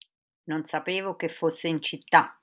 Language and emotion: Italian, surprised